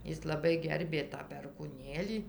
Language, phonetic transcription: Lithuanian, ˈis laˈbai ˈgerbė tą perkūˈnėlį

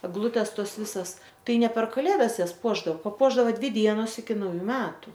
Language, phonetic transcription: Lithuanian, egˈlutės ˈtos ˈvisas ˈtai ˈne per kaˈlėdas ˈjas ˈpuošdao paˈpuošdao ˈdvi ˈdienos iki nauˈjų ˈmetu

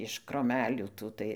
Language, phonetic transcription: Lithuanian, iš kroˈmelių ˈtų tai

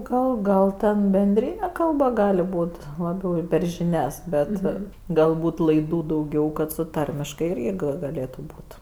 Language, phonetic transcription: Lithuanian, ˈgal ˈgal ten benˈdryne ˈkalba ˈgali ˈbūt' laˈbiau per žiˈnias ˈbet galˈbūt laiˈdų dauˈgiau kad su ˈtarmiškai ˈirgi gaˈlėtu ˈbūt

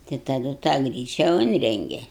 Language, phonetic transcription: Lithuanian, tai taˈdu tą ˈgryčia ˈunrenge

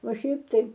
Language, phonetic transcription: Lithuanian, o ˈšiaip ˈtai

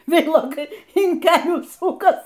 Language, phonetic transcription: Lithuanian, ˈveilokai in ˈkelių ˈsukas

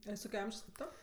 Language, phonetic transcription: Lithuanian, a ˈjis ˈtoke ˈamžios kėp ˈto

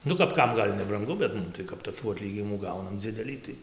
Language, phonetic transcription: Lithuanian, ˈnu kap ˈkam ˈgal' nebranˈgu bet ˈmum tai kap toˈkių aˈtlyginimų ˈgaunam ˈdzidelį tai

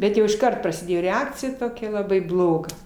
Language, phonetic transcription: Lithuanian, ˈbet jau išˈkart prasiˈdėjo reˈakcija toˈkia laˈbai ˈbloga

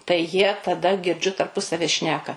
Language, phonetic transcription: Lithuanian, tai jie taˈda girˈdžiu tarˈpusavi ˈšneka

